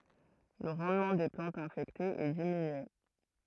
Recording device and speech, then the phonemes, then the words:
throat microphone, read sentence
lə ʁɑ̃dmɑ̃ de plɑ̃tz ɛ̃fɛktez ɛ diminye
Le rendement des plantes infectées est diminué.

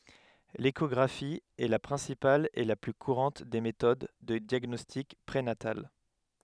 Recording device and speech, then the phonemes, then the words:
headset microphone, read sentence
leʃɔɡʁafi ɛ la pʁɛ̃sipal e la ply kuʁɑ̃t de metod də djaɡnɔstik pʁenatal
L’échographie est la principale et la plus courante des méthodes de diagnostic prénatal.

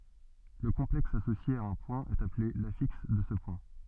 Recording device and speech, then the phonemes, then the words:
soft in-ear microphone, read sentence
lə kɔ̃plɛks asosje a œ̃ pwɛ̃ ɛt aple lafiks də sə pwɛ̃
Le complexe associé à un point est appelé l'affixe de ce point.

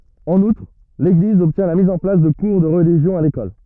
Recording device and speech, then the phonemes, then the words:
rigid in-ear microphone, read sentence
ɑ̃n utʁ leɡliz ɔbtjɛ̃ la miz ɑ̃ plas də kuʁ də ʁəliʒjɔ̃ a lekɔl
En outre, l’Église obtient la mise en place de cours de religion à l’école.

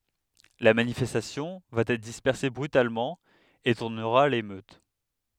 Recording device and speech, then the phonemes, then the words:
headset microphone, read sentence
la manifɛstasjɔ̃ va ɛtʁ dispɛʁse bʁytalmɑ̃ e tuʁnəʁa a lemøt
La manifestation va être dispersée brutalement, et tournera à l'émeute.

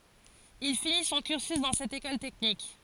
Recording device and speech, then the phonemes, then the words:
forehead accelerometer, read sentence
il fini sɔ̃ kyʁsy dɑ̃ sɛt ekɔl tɛknik
Il finit son cursus dans cette école technique.

